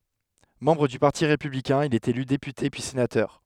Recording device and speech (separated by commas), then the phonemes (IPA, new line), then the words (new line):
headset microphone, read sentence
mɑ̃bʁ dy paʁti ʁepyblikɛ̃ il ɛt ely depyte pyi senatœʁ
Membre du Parti républicain, il est élu député puis sénateur.